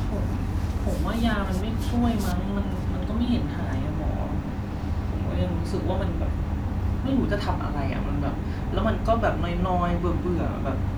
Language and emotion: Thai, frustrated